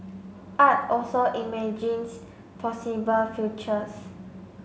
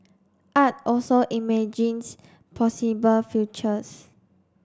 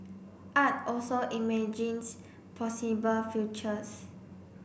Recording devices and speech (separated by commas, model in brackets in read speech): mobile phone (Samsung C5), standing microphone (AKG C214), boundary microphone (BM630), read sentence